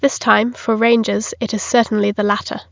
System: none